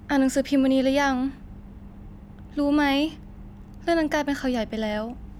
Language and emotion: Thai, frustrated